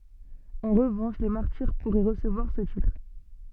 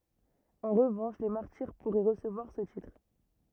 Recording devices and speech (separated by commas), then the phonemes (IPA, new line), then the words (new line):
soft in-ear microphone, rigid in-ear microphone, read sentence
ɑ̃ ʁəvɑ̃ʃ le maʁtiʁ puʁɛ ʁəsəvwaʁ sə titʁ
En revanche les martyrs pourraient recevoir ce titre.